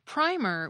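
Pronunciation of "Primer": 'Primer' is said with a long I.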